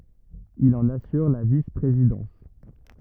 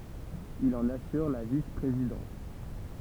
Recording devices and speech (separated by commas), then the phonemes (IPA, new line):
rigid in-ear microphone, temple vibration pickup, read sentence
il ɑ̃n asyʁ la vispʁezidɑ̃s